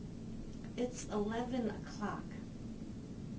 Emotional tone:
disgusted